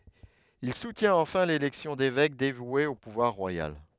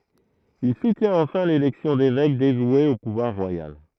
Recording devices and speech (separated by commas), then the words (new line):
headset microphone, throat microphone, read sentence
Il soutient enfin l’élection d’évêques dévoués au pouvoir royal.